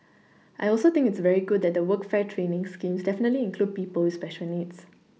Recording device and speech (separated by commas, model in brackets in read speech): mobile phone (iPhone 6), read sentence